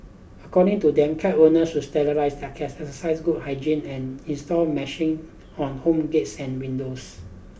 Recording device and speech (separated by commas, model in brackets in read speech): boundary microphone (BM630), read sentence